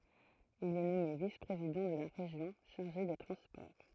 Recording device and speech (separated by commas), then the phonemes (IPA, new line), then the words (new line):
throat microphone, read sentence
il ɛ nɔme vis pʁezidɑ̃ də la ʁeʒjɔ̃ ʃaʁʒe de tʁɑ̃spɔʁ
Il est nommé vice-président de la Région chargé des transports.